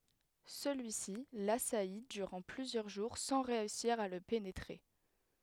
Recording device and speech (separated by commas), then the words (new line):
headset microphone, read sentence
Celui-ci l'assaillit durant plusieurs jours sans réussir à le pénétrer.